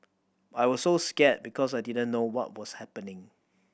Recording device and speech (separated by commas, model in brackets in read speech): boundary microphone (BM630), read sentence